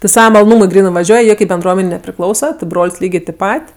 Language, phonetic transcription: Lithuanian, ti ˈsava maloˈnūmui ˈgrynɜ vaˈžiuoj ˈjie kaip benˈdruomenei nepriˈklausa ti ˈbrol's' ˈlygė tip ˈpat'

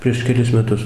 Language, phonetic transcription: Lithuanian, prieš keˈlis meˈtus

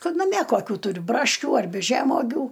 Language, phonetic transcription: Lithuanian, ˈkad naˈmie koˈkių tuˈriu ˈbraškių arˈbi ˈžemogių

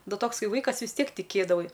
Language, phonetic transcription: Lithuanian, ˈnu ˈtoks ˈkai ˈvaikas vis ˈtiek tiˈkėdavai

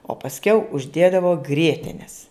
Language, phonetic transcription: Lithuanian, o pasˈkiau užˈdėdavo ˈgrietenes

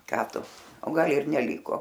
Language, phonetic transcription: Lithuanian, ˈką ˈtu o ˈgal ir neˈlyko

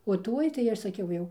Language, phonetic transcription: Lithuanian, o ˈtuoj tai ˈaš saˈkiau jau

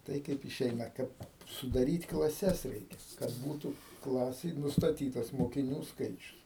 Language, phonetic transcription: Lithuanian, ˈtai ˈkaip iˈšeina ˈkad sudaˈryt klaˈses ˈreikia kad ˈbūtų ˈklasėj nustaˈtytas mokiˈnių ˈskaičius

